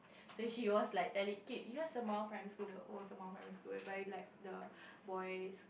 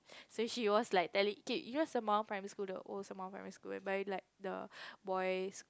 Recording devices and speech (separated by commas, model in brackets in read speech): boundary microphone, close-talking microphone, conversation in the same room